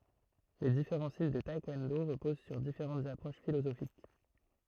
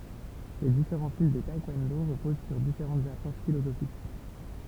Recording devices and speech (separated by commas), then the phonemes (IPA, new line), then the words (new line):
throat microphone, temple vibration pickup, read sentence
le difeʁɑ̃ stil də taɛkwɔ̃do ʁəpoz syʁ difeʁɑ̃tz apʁoʃ filozofik
Les différents styles de taekwondo reposent sur différentes approches philosophiques.